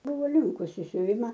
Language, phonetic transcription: Lithuanian, ˈbuvo ˈlinkus i siuˈvima

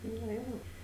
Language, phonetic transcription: Lithuanian, na ˈjo

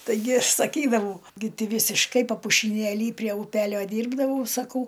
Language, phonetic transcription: Lithuanian, taiˈgi ˈaš saˈkydavau gi ˈty ˈvysiškai papušiˈnėly prie uˈpelio ˈdyrbdavau saˈkau

